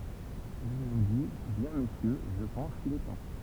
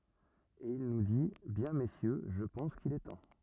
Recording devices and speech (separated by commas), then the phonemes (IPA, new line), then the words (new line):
temple vibration pickup, rigid in-ear microphone, read sentence
e il nu di bjɛ̃ mesjø ʒə pɑ̃s kil ɛ tɑ̃
Et il nous dit, “Bien messieurs, je pense qu’il est temps.